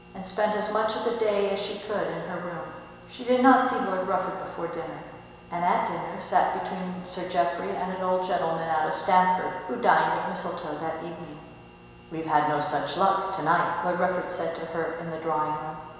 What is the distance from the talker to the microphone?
1.7 m.